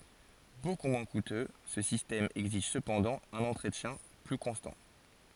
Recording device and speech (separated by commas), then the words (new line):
forehead accelerometer, read sentence
Beaucoup moins coûteux, ce système exige cependant un entretien plus constant.